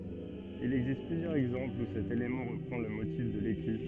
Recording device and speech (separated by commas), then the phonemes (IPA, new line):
soft in-ear microphone, read sentence
il ɛɡzist plyzjœʁz ɛɡzɑ̃plz u sɛt elemɑ̃ ʁəpʁɑ̃ lə motif də leky